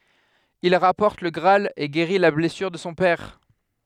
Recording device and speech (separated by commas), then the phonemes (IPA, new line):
headset microphone, read sentence
il ʁapɔʁt lə ɡʁaal e ɡeʁi la blɛsyʁ də sɔ̃ pɛʁ